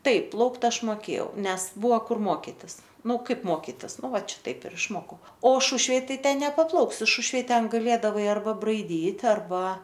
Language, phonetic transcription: Lithuanian, ˈtaip ˈplaukt ˈaš moˈkėjau ˈnes ˈbuvo ˈkur ˈmokitis ˈnu ˈkaip ˈmokitis ˈnu ˈvat ˈšitaip ir išˈmokau o ˈšušvėj ˈtai ˈten nepaˈplauksi ˈšušvėj ˈten gaˈlėdavai arˈba braiˈdyt' arˈba

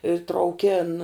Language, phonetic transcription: Lithuanian, i trauˈkėn

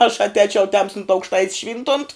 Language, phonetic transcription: Lithuanian, aš atˈēčiau ˈtemstunt aukšˈtait's ˈšvyntunt

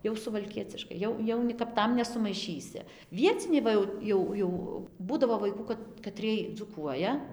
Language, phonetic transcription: Lithuanian, jau suvalˈkieciškai ˈjau ˈjau ni kap ˈtam nesumaiˈšysi ˈvieciniai ˈva jau ˈjau jau ˈbūdavo vaiˈkų kad kaˈtriej dzūˈkuoja

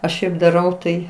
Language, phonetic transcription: Lithuanian, aš ˈšiaip daˈrau tai

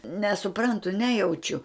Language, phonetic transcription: Lithuanian, nesuˈprantu ˈnejaučiu

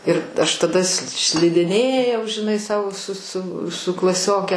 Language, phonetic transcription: Lithuanian, ir aš taˈda s šlidiˈnėjau žiˈnai ˈsau su su su klaˈsioke

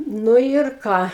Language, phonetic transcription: Lithuanian, ˈnu ir ˈką

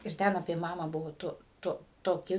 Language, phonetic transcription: Lithuanian, ir ˈten apie ˈmamą ˈbuvo ˈtu ˈtu toˈki

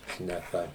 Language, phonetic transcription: Lithuanian, šneˈka

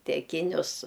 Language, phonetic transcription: Lithuanian, teˈkinius

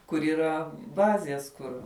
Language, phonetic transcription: Lithuanian, kur yˈra ˈbazės ˈkur

